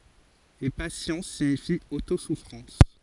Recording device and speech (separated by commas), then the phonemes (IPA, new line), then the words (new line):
forehead accelerometer, read sentence
e pasjɑ̃s siɲifi otosufʁɑ̃s
Et patience signifie auto-souffrance.